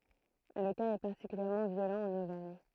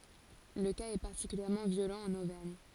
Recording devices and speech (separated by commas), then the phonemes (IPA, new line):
throat microphone, forehead accelerometer, read sentence
lə kaz ɛ paʁtikyljɛʁmɑ̃ vjolɑ̃ ɑ̃n ovɛʁɲ